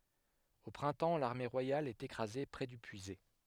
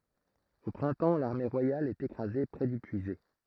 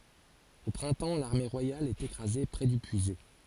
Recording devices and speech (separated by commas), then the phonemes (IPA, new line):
headset microphone, throat microphone, forehead accelerometer, read sentence
o pʁɛ̃tɑ̃ laʁme ʁwajal ɛt ekʁaze pʁɛ dy pyizɛ